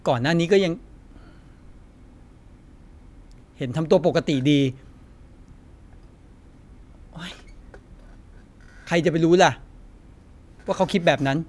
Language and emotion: Thai, frustrated